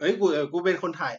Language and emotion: Thai, neutral